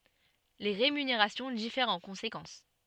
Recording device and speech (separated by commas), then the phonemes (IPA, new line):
soft in-ear microphone, read sentence
le ʁemyneʁasjɔ̃ difɛʁt ɑ̃ kɔ̃sekɑ̃s